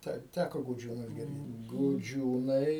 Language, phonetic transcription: Lithuanian, ˈtai ˈtæko guˈdžiūnus girˈdėt guˈdžiūnai

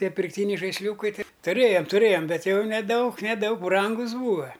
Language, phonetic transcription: Lithuanian, ˈtie pirkˈtyniai žaisˈliūkai ˈtai tuˈrėjam tuˈrėjam ˈbet jau neˈdaug neˈdaug ˈbrangus ˈbūva

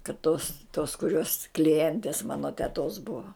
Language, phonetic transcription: Lithuanian, kad tos tos kuˈrios kliˈjentės ˈmano teˈtos bua

